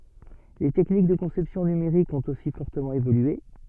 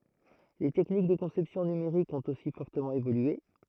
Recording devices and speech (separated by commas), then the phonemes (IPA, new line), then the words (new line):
soft in-ear microphone, throat microphone, read sentence
le tɛknik də kɔ̃sɛpsjɔ̃ nymeʁikz ɔ̃t osi fɔʁtəmɑ̃ evolye
Les techniques de conception numériques ont aussi fortement évolué.